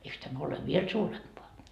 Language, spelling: Finnish, eikös tämä ole vielä suurempaa
- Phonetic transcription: 'eiks tämä ole "viel suurempoa ?

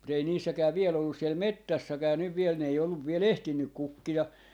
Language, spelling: Finnish, mutta ei niissäkään vielä ollut siellä metsässäkään nyt vielä ne ei ollut vielä ehtinyt kukkia
- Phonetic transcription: mu't ‿ei niissäkää viel ‿ollus siel "mettässäkää nyv viel ne ei olluv 'viel "ehtinnyk "kukki₍a .

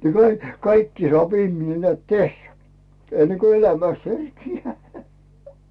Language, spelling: Finnish, niin - kaikki saa ihminen näet tehdä ennen kun elämästä herkeää
- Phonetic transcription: ni kai- , "kaikki sᵒàp 'ihmine neä̀t 'tehhä , enne ko "elämäst 'herkiijää .

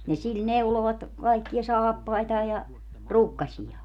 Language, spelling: Finnish, niin sillä neuloivat kaikkia saappaitaan ja rukkasiaan
- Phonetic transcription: ni 'sil "neulovat , kaikkiʲa "saappaitaa ja , "rukkaśiʲaa .

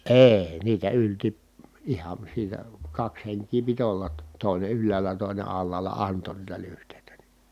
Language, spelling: Finnish, ei niitä ylsi ihan siitä kaksi henkeä piti olla - toinen ylhäällä toinen alhaalla antoi niitä lyhteitä niin
- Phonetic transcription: ee , niitä ylti , ihan̬ siitä , kaks heŋkii pit ‿ollat tᵒ- , tòine ylläälä tòine allaala anto niitä lyhtèitä ni .

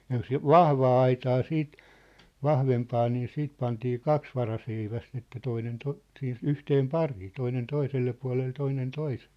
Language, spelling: Finnish, ja jos vahvaa aitaa sitten vahvempaa niin sitten pantiin kaksi varaseivästä että toinen - siinä yhteen pariin toinen toiselle puolelle toinen toiselle
- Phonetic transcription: jă 'jos "vahvaa aitaa 'siit , 'vahvempaa nii 'siit pantii "kaks varaseiväst ‿että 'toinen 'to- , sii(n) 'yhteem "parii , toinen 'toiselle pua̭lel toinen 'toisᴇʟʟᴇ .

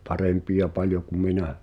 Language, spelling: Finnish, parempia paljon kuin minä
- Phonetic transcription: 'parempi₍a 'paljo ku "minä .

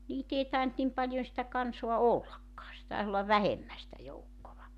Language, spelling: Finnish, niitä ei tainnut niin paljon sitä kansaa ollakaan se taisi olla vähemmän sitä joukkoa
- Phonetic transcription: 'niit ‿ei taent 'nim paĺjon sⁱtä 'kansoa "ollakkaa se taes ‿ollav "vähemmä sⁱtä 'joukkova .

